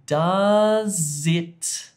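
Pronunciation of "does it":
In 'does it', the two words are linked together and said as one connected unit.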